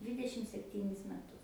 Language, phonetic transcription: Lithuanian, ˈdvidešim sepˈtynis meˈtus

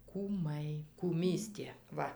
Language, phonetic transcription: Lithuanian, kūˈmai kūˈmystė ˈva

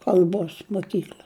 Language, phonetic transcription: Lithuanian, kalˈbos moˈkykl'a

